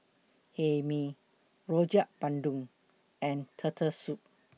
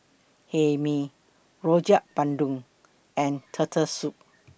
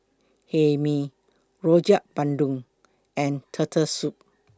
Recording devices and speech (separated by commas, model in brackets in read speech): mobile phone (iPhone 6), boundary microphone (BM630), close-talking microphone (WH20), read sentence